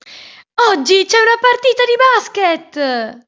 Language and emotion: Italian, happy